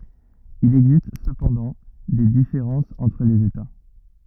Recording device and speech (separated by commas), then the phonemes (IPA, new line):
rigid in-ear microphone, read sentence
il ɛɡzist səpɑ̃dɑ̃ de difeʁɑ̃sz ɑ̃tʁ lez eta